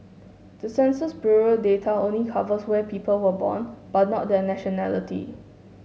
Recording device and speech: mobile phone (Samsung S8), read sentence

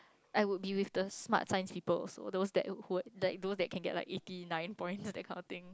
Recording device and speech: close-talking microphone, conversation in the same room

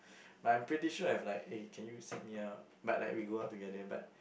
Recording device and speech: boundary microphone, conversation in the same room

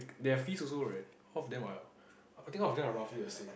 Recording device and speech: boundary microphone, conversation in the same room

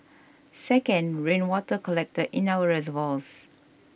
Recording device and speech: boundary microphone (BM630), read sentence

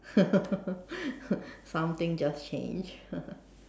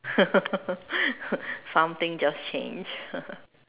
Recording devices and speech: standing microphone, telephone, conversation in separate rooms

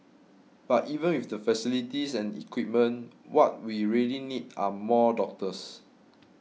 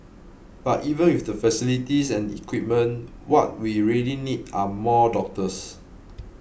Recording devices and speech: mobile phone (iPhone 6), boundary microphone (BM630), read sentence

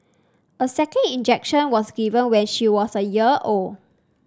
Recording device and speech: standing microphone (AKG C214), read sentence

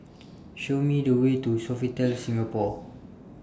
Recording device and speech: standing microphone (AKG C214), read sentence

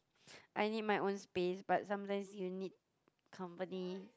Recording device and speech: close-talking microphone, conversation in the same room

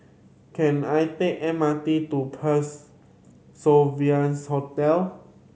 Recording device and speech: mobile phone (Samsung C7100), read sentence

